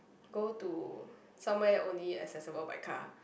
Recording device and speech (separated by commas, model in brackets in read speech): boundary microphone, conversation in the same room